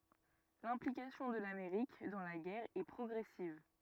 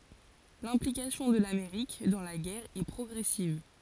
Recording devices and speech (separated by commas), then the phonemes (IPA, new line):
rigid in-ear microphone, forehead accelerometer, read sentence
lɛ̃plikasjɔ̃ də lameʁik dɑ̃ la ɡɛʁ ɛ pʁɔɡʁɛsiv